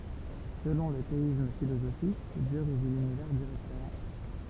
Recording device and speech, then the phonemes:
temple vibration pickup, read sentence
səlɔ̃ lə teism filozofik djø ʁeʒi lynivɛʁ diʁɛktəmɑ̃

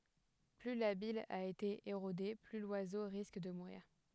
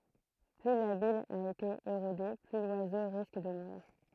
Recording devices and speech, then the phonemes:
headset microphone, throat microphone, read sentence
ply la bij a ete eʁode ply lwazo ʁisk də muʁiʁ

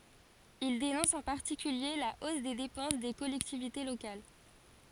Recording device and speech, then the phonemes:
forehead accelerometer, read sentence
il denɔ̃s ɑ̃ paʁtikylje la os de depɑ̃s de kɔlɛktivite lokal

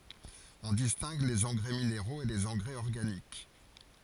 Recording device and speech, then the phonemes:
forehead accelerometer, read sentence
ɔ̃ distɛ̃ɡ lez ɑ̃ɡʁɛ mineʁoz e lez ɑ̃ɡʁɛz ɔʁɡanik

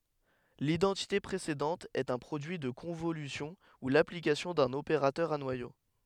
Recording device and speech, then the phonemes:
headset microphone, read sentence
lidɑ̃tite pʁesedɑ̃t ɛt œ̃ pʁodyi də kɔ̃volysjɔ̃ u laplikasjɔ̃ dœ̃n opeʁatœʁ a nwajo

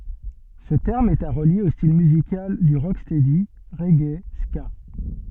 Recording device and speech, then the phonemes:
soft in-ear microphone, read sentence
sə tɛʁm ɛt a ʁəlje o stil myzikal dy ʁokstɛdi ʁɛɡe ska

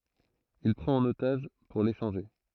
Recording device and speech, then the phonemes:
throat microphone, read sentence
il pʁɑ̃t œ̃n otaʒ puʁ leʃɑ̃ʒe

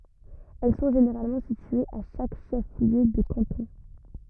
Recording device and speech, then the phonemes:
rigid in-ear microphone, read sentence
ɛl sɔ̃ ʒeneʁalmɑ̃ sityez a ʃak ʃɛf ljø də kɑ̃tɔ̃

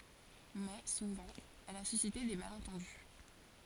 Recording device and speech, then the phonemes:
forehead accelerometer, read sentence
mɛ suvɑ̃ ɛl a sysite de malɑ̃tɑ̃dy

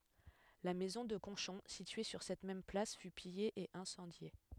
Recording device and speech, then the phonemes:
headset microphone, read sentence
la mɛzɔ̃ də kɔ̃ʃɔ̃ sitye syʁ sɛt mɛm plas fy pije e ɛ̃sɑ̃dje

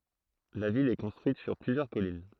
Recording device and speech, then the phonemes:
throat microphone, read sentence
la vil ɛ kɔ̃stʁyit syʁ plyzjœʁ kɔlin

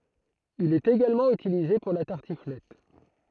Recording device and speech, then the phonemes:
throat microphone, read sentence
il ɛt eɡalmɑ̃ ytilize puʁ la taʁtiflɛt

